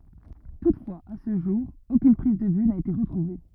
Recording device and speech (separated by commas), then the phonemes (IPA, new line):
rigid in-ear microphone, read sentence
tutfwaz a sə ʒuʁ okyn pʁiz də vy na ete ʁətʁuve